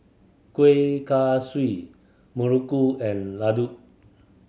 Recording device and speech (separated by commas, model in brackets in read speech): mobile phone (Samsung C7100), read sentence